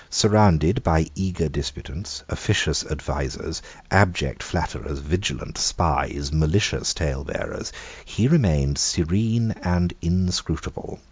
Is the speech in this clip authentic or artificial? authentic